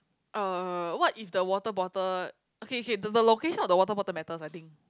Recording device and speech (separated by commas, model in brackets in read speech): close-talking microphone, conversation in the same room